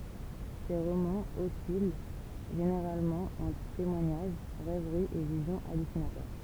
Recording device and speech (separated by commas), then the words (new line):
temple vibration pickup, read sentence
Ses romans oscillent généralement entre témoignage, rêverie et visions hallucinatoires.